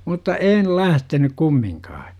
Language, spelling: Finnish, mutta en lähtenyt kumminkaan
- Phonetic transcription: 'mutta "een 'lähtenyk 'kummiŋkaa .

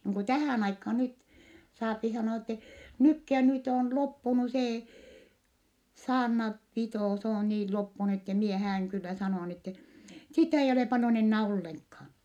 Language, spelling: Finnish, niin kuin tähän aikaan nyt saa sanoa että nytkin ja nyt on loppunut se saarna pito se on niin loppunut että minä häädyn kyllä sanoa niin että sitä ei ole paljon enää ollenkaan
- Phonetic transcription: niiŋ ku tähä̀n aikhaa nyt , saapi sanoa ette , nykki ja nyt ‿òn loppunu see , saarna , pitò s ‿oo nii loppunu ette mie hää₍yŋ kyllä sanò₍a n ‿ette , sitä eij olè paljon ennää olleŋkhaan .

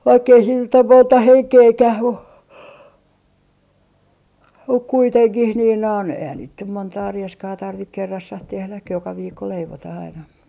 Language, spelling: Finnish, vaikka ei siinä nyt ole monta henkeäkään mutta mutta kuitenkin niin noin eihän niitä nyt montaa rieskaa tarvitse kerrassaan tehdä joka viikko leivotaan aina
- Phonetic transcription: 'vaikk ‿ei siin nyt ‿om 'monta "heŋkeekäh mu , 'muk 'kuiteŋkih niin non , eihän niit nym 'montaa 'rieskaa 'tarvik 'kerrassah 'tehläk 'joka 'viikko 'leivotah ‿aina .

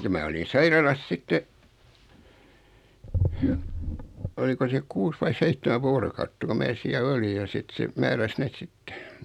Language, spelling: Finnish, ja minä olin sairaalassa sitten oliko se kuusi vai seitsemän vuorokautta kun minä siellä olin ja sitten se määräsi ne sitten
- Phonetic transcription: ja 'mää olin "sairalas 'sitte , 'oliko se 'kuus vai 'seittemä "voorokautta ko 'mää siä'l ‿oli ja 'sit se , 'määräs 'neet "sittᴇ .

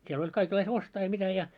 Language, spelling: Finnish, siellä oli kaikenlaista ostaa ja mitä ja
- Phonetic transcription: 'sie'l ‿oĺ 'kaikellais "ostaa ja 'mitä ja ,.

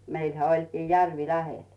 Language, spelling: Finnish, meillähän olikin järvi lähellä
- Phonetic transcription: 'meilhä 'oĺkii 'järvi "lähel .

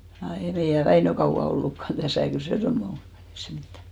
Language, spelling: Finnish, ja ei meidän Väinö kauan ollutkaan tässä kyllä se semmoinen oli ei se mitään
- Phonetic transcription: ja 'ei meijä "Väinö 'kauʷa 'ollukkan täsä̀ , kyl se 'semne ol , ei se 'mittä .

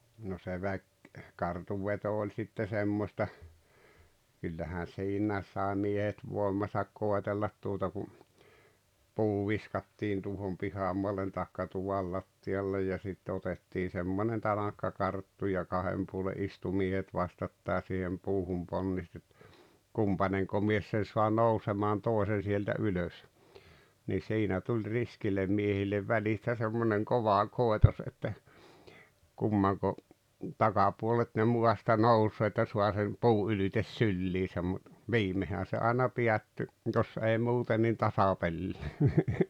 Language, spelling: Finnish, no se - kartunveto oli sitten semmoista kyllähän siinäkin sai miehet voimansa koetella tuota kun puu viskattiin tuohon pihamaalle tai tuvan lattialle ja sitten otettiin semmoinen tanakka karttu ja kahden puolen istui miehet vastakkain siihen puuhun ponnisti että kumpainenko mies sen saa nousemaan toisen sieltä ylös niin siinä tuli riskille miehille välistä semmoinen kova koitos että kummanko takapuolet ne maasta nousee että saa sen puu ylitse syliinsä mutta viimeinhän se aina päättyi jos ei muuten niin tasapeliin
- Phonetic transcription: no se 'väk- , -kartuv'veto oĺ sitte 'semmośta , kyllähän "siinääᵉs sàe 'miehet 'vòemasak 'kòetellat tuota ku , 'puu 'viskattiin tuo̭hom 'pihamoalen tàekka 'tuval latti₍allej ja 'sitte otettii 'semmonen 'tanakka "karttu ja 'ka’hem puole’ '’istu 'miehet 'vastattái siihem 'puuhum 'ponnist ‿et , "kumpaneŋko 'mies sen̬ soa "nousemaan "tòesen̬ sieltä 'ylös , nii "siinä tuĺ "riskillem 'mie-hillev 'välistä semmoneŋ 'kova 'kòetos että , 'kummaŋko , 'takapuolet ne 'muasta "nousee että 'sua sem "puu’ ’ylites "sylliisäm mut , 'viimehä se aina 'piätty , 'jos ei 'muuten nin "tasapellii .

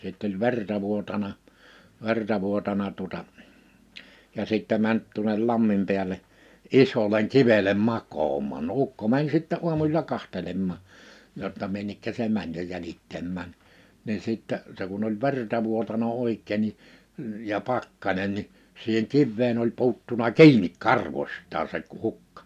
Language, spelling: Finnish, sitten oli verta vuotanut verta vuotanut tuota ja sitten meni tuonne lammin päälle isolle kivelle makaamaan no ukko meni sitten aamusilla katsomaan jotta minne se meni jo jäljittämään niin sitten se kun oli verta vuotanut oikein niin ja pakkanen niin siihen kiveen oli puuttunut kiinni karvoistaan se - hukka
- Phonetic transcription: sitt ‿oĺ "verta 'vuotana , 'verta 'vuotana tuᵒta , ja 'sìttɛ mänt tuᵒnel 'lammim piäl̀e , 'isoleŋ 'kivelem "mak̀oomàn no 'ukko mäń sittɛ 'u̬amusila 'kahtelemmà , jotta 'minnekkä se 'mäń jo 'jälittämmään , niin sìttɛ , se kun ‿oĺ 'verta 'vuotana 'òikkè ni , ja 'pakkańen ni , siiheŋ 'kivveen ‿oĺ 'pu̬uttuna "ki̬inik "karvośt̆taa se k- , 'hukkᴀ .

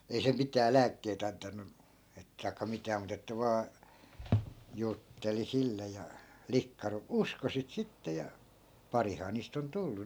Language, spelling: Finnish, ei se mitään lääkkeitä antanut - tai mitään mutta että vain jutteli sille ja likka - uskoi sitä sitten ja parihan niistä on tullut
- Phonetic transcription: ei se 'mitää "lääkkeit ‿antannu , et- , tai̮kka 'mitää mut ‿että 'vaa , 'jutteli 'sille ja , 'likka ru- , "usko sit 'sitte ja , 'parihaa niist ‿on 'tullu .

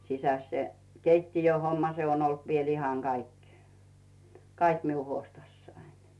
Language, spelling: Finnish, sisässä se keittiöhomma se on ollut vielä ihan kaikki kaikki minun huostassani
- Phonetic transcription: 'sisäs se , "keittijöhomma se ‿on olt viel ihaŋ Gaik , "kaiki 'miu huostassaiɴ .

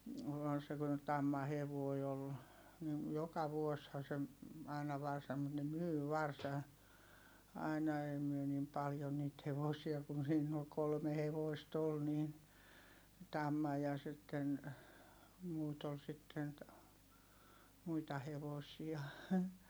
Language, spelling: Finnish, - kun tammahevonen oli niin joka vuosihan se aina varsan mutta ne myi varsan aina ei me niin paljon niitä hevosia kun siinä oli kolme hevosta oli niin tamma ja sitten muuta oli sitten muita hevosia
- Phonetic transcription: (--) kun tammahevoi ol , nin , joka vuosha se , àina varsam̆ mut ne myy varsa , aina ei myö nim paljo niit hevosia kun̬ siinn ‿ol kolme hevoist ‿ol niin , tamma ja sitten , muut ‿ol sitten , muita hevosia .

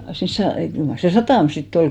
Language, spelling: Finnish, siinä - kyllä mar se satama sitten oli
- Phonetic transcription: siins 'sa- , kyl mar se "satàm sit't ‿ol .

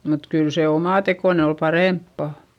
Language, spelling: Finnish, mutta kyllä se omatekoinen oli parempaa
- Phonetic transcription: mut kyl se omàtekòne ol parèmppa .

